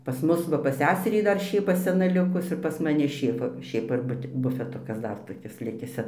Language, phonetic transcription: Lithuanian, pas ˈmus ˈva pas ˈseserį ˈdar ˈšėpa seˈna ˈlikus ir pas maˈni ˈšėfa ˈšėpa bufeˈtukas ˈdar toˈkis ˈlikis ˈse

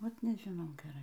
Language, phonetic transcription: Lithuanian, ˈvat nežiˈnau geˈrai

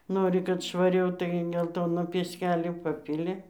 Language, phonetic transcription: Lithuanian, ˈnori kad švaˈriau tai gelˈtono pieˈskelio ˈpapili

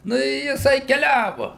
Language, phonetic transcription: Lithuanian, ˈnu i jiˈsai keˈliavu

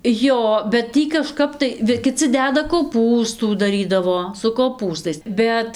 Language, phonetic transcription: Lithuanian, ˈjo bet ˈtį kaˈžkap tai ˈvi kiˈci ˈdeda koˈpūstų daˈrydavo su koˈpūstais ˈbet

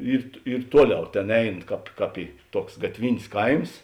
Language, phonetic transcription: Lithuanian, ˈyr ˈyr ˈtuoˌliau ˈtėn ˈein ˈkāp ˈkāp y ˈtuoks gatˈvin's' ˈkaims

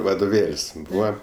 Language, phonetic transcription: Lithuanian, vadoˈvėl's' ˈbūva

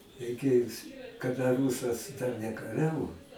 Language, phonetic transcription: Lithuanian, reiˈkėjus kaˈda ˈrūsas dar nekaˈriavo

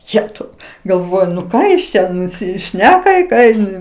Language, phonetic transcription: Lithuanian, ˈjetau galˈvoju nu ˈką jis ˈčia nusiˈšneka i ˈką in

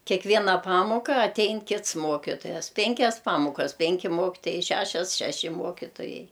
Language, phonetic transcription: Lithuanian, kekˈviena ˈpamoka aˈtein ˈkits ˈmokitojas ˈpenkias ˈpamokas ˈpenki ˈmokitojai ˈšešias šeˈši ˈmokitojai

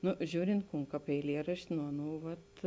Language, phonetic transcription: Lithuanian, ˈnu ˈžiūrint ˈkūn ˈkāp eiˈlierašti nu ˈaˌnū vat

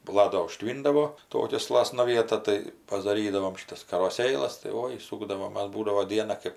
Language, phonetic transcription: Lithuanian, baˈla do uˈžtvyndavo ˈtokia ˈslasna ˈvieta tai padaˈrydavom ˈšytas karoˈsėlas tai ˈoi ˈsūkdavom ˈmas ˈbūdavo ˈdiena ˈkɜp

